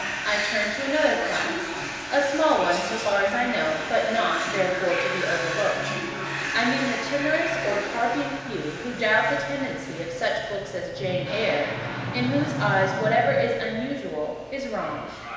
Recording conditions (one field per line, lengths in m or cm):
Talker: one person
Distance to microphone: 1.7 m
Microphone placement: close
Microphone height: 1.0 m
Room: very reverberant, large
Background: television